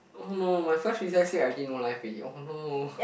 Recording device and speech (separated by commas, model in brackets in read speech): boundary microphone, conversation in the same room